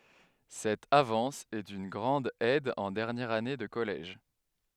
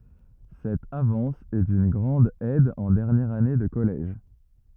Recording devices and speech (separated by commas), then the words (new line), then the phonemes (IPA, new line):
headset microphone, rigid in-ear microphone, read sentence
Cette avance est d'une grande aide en dernière année de collège.
sɛt avɑ̃s ɛ dyn ɡʁɑ̃d ɛd ɑ̃ dɛʁnjɛʁ ane də kɔlɛʒ